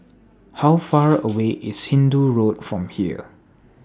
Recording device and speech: standing microphone (AKG C214), read sentence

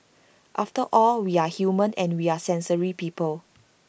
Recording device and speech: boundary microphone (BM630), read sentence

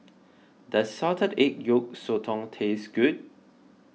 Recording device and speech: mobile phone (iPhone 6), read sentence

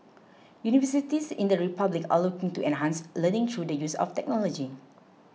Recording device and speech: mobile phone (iPhone 6), read sentence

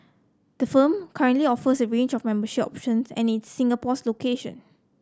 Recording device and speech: close-talking microphone (WH30), read sentence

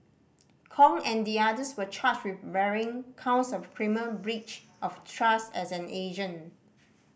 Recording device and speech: boundary microphone (BM630), read sentence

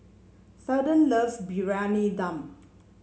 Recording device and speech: mobile phone (Samsung C7), read sentence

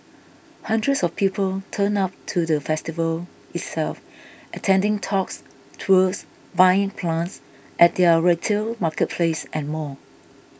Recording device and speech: boundary microphone (BM630), read sentence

